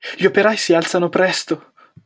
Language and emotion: Italian, fearful